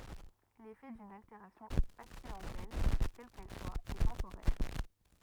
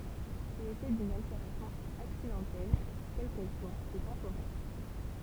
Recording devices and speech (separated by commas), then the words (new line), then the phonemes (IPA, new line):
rigid in-ear microphone, temple vibration pickup, read sentence
L'effet d'une altération accidentelle, quelle qu'elle soit, est temporaire.
lefɛ dyn alteʁasjɔ̃ aksidɑ̃tɛl kɛl kɛl swa ɛ tɑ̃poʁɛʁ